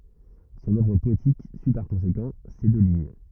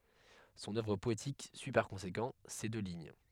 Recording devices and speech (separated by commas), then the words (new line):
rigid in-ear microphone, headset microphone, read sentence
Son œuvre poétique suit par conséquent ces deux lignes.